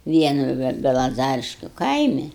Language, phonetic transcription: Lithuanian, ˈvienu ve belaˈzariškiu ˈkaimi

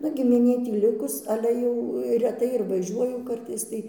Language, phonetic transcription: Lithuanian, ˈnu gimiˈnė ˈtį ˈlikus ˈale jau reˈtai ir vaˈžiuoju ˈkartais tai

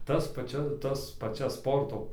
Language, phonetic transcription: Lithuanian, ˈtas paˈčia ˈtas paˈčias ˈsporto

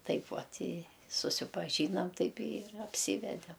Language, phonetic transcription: Lithuanian, ˈtaip ˈvat i susipaˈžynam ˈtaip ir apˈsyvedem

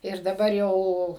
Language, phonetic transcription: Lithuanian, ir daˈbar jau

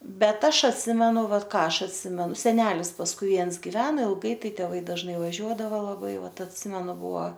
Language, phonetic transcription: Lithuanian, ˈbet ˈaš atˈsimenu ˈvat ˈką ˈaš atˈsimenu seˈnelis pasˈkui ˈviens giˈveno ilˈgai ˈtai teˈvai dažˈnai vaˈžiuodavo laˈbai ˈvat atˈsimenu ˈbuo

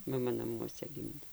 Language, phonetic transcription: Lithuanian, maˈma naˈmuose ˈgimdė

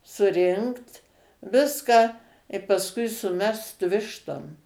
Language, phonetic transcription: Lithuanian, suˈrinkt ˈviską i pasˈkui suˈmest ˈvištom

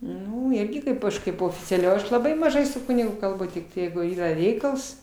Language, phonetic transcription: Lithuanian, ˈnu ˈirgi ˈkaip aš ˈkaip oficiaˈliau ˈaš laˈbai maˈžai su ˈkunigu kalˈbu tik ˈjeigu ˈyra ˈreikals

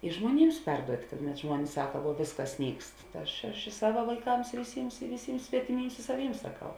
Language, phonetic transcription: Lithuanian, i žmuoˈnyms ˈperduot' kad net ˈžmuonis ˈsaka vuo ˈvėsˌkas ˈnykst ta ˈaš aš i ˈsava vaiˈkams i viˈsyms i viˈsyms svetiˈmyms i sa ˈvyms saˈkau

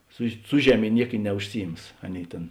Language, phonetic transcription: Lithuanian, su ˈsu žeˌmė ˈniek i neužˈsiˌjims ˈaˌnėi ˈtėn

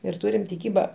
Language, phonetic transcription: Lithuanian, ir ˈturim tiˈkyba

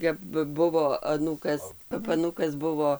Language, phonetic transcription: Lithuanian, kap ˈbuvo aˈnūkas kap aˈnūkas ˈbuvo

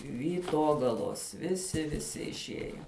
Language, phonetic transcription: Lithuanian, vyˈtogalos viˈsi viˈsi išˈieje

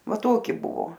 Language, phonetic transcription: Lithuanian, ˈva ˈtoki ˈbuvo

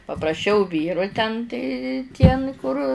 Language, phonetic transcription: Lithuanian, papraˈšiau ˈvyru ten tai tie n kur

